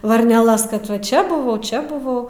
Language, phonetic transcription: Lithuanian, varneˈlas kad va ˈčia buˈvau ˈčia buˈvau

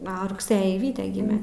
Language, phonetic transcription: Lithuanian, ˈo rugˈsɘjį ˈvyte ˈgime

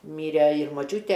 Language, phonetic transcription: Lithuanian, ˈmyre ir moˈčiūte

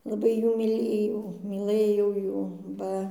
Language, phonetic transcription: Lithuanian, laˈbai ˈjų myˈlėjau myˈlɘjau ˈjų ˈba

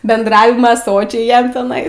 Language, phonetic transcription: Lithuanian, bendˈravima ˈsočiai ˈjam teˈnai

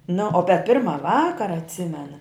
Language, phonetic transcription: Lithuanian, nu o pe ˈpirma ˈvakara atˈsimena

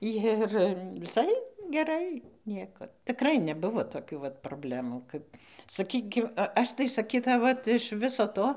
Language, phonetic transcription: Lithuanian, ˈjir viˈsai geˈrai ˈniekad tiˈkrai neˈbuvo toˈkių vat proˈblemų ˈkap saˈkykim ˈaš tai saˈkytau ˈvat iš ˈviso ˈto

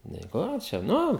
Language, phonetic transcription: Lithuanian, nei ˈko čia ˈnu

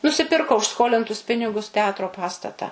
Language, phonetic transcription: Lithuanian, nusiˈpirko už ˈskolintus ˈpinigus teˈatro ˈpastata

